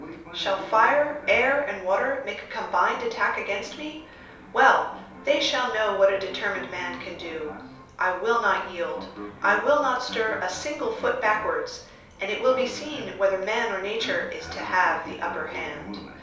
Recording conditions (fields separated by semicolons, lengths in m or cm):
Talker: one person; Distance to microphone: 3.0 m; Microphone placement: far; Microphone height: 1.8 m; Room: small (3.7 m by 2.7 m); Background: television